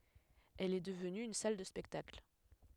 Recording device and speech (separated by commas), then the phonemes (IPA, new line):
headset microphone, read sentence
ɛl ɛ dəvny yn sal də spɛktakl